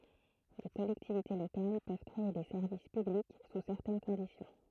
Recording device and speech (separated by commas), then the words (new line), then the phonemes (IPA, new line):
throat microphone, read sentence
Les collectivités locales peuvent créer des services publics sous certaines conditions.
le kɔlɛktivite lokal pøv kʁee de sɛʁvis pyblik su sɛʁtɛn kɔ̃disjɔ̃